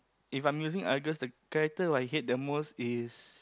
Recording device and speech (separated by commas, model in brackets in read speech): close-talking microphone, conversation in the same room